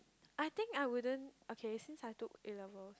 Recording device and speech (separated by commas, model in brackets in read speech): close-talking microphone, conversation in the same room